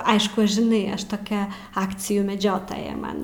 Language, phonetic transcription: Lithuanian, ˈaišku žiˈnai ˈaš toˈkia ˈakcijų meˈdžiotoja ˈman

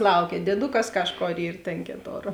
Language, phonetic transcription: Lithuanian, ˈlaukia dieˈdukas ˈkažˌkor ˈyr tėn ˈkėˌtor

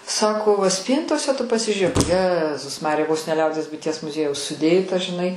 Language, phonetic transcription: Lithuanian, ˈsako va ˈspyntose tu pasižiūˈrėk ˈjezus ˈmarija vos ne ˈliaudies buiˈties muˈziejaus suˈdėta žiˈnai

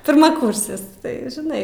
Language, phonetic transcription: Lithuanian, pirmaˈkursis ˈtai žiˈnai

